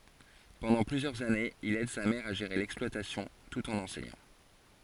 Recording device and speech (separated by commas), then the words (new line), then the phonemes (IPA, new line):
forehead accelerometer, read sentence
Pendant plusieurs années, il aide sa mère à gérer l'exploitation, tout en enseignant.
pɑ̃dɑ̃ plyzjœʁz anez il ɛd sa mɛʁ a ʒeʁe lɛksplwatasjɔ̃ tut ɑ̃n ɑ̃sɛɲɑ̃